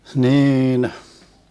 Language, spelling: Finnish, niin
- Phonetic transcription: 'hniinh .

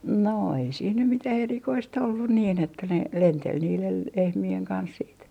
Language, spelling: Finnish, no ei siinä nyt mitään erikoista ollut niin että ne lenteli niiden lehmien kanssa sitten
- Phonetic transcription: no ei siin nym mitäh 'erikois't ‿ollun niin että ne , "lentel niilel 'lehmi₍eŋ 'kans siit .

